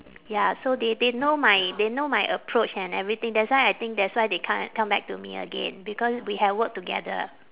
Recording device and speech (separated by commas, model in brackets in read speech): telephone, conversation in separate rooms